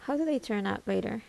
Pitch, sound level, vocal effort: 240 Hz, 78 dB SPL, soft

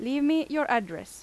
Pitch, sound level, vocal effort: 280 Hz, 90 dB SPL, loud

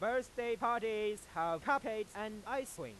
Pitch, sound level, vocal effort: 220 Hz, 102 dB SPL, very loud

